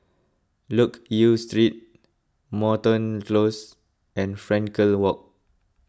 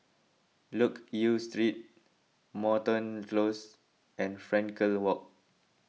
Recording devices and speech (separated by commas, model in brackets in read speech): close-talking microphone (WH20), mobile phone (iPhone 6), read sentence